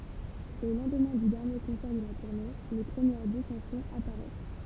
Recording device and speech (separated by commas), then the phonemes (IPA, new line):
temple vibration pickup, read sentence
o lɑ̃dmɛ̃ dy dɛʁnje kɔ̃sɛʁ də la tuʁne le pʁəmjɛʁ disɑ̃sjɔ̃z apaʁɛs